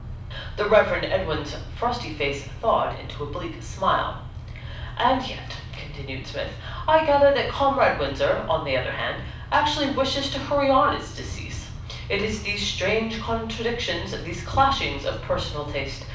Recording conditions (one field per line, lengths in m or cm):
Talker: one person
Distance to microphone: 5.8 m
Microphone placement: far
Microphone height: 1.8 m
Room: medium-sized (5.7 m by 4.0 m)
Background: none